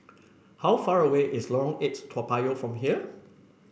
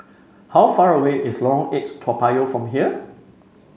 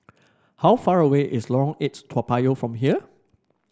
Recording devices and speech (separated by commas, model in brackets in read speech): boundary microphone (BM630), mobile phone (Samsung C5), standing microphone (AKG C214), read sentence